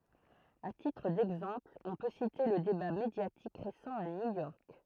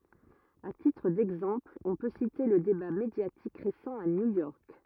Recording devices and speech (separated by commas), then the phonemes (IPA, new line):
throat microphone, rigid in-ear microphone, read sentence
a titʁ dɛɡzɑ̃pl ɔ̃ pø site lə deba medjatik ʁesɑ̃ a njujɔʁk